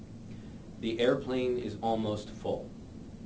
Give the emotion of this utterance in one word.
neutral